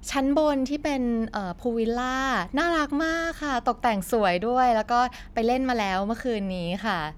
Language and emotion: Thai, happy